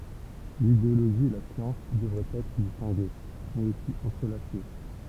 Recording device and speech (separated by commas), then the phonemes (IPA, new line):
temple vibration pickup, read sentence
lideoloʒi e la sjɑ̃s dəvʁɛt ɛtʁ distɛ̃ɡe mɛz osi ɑ̃tʁəlase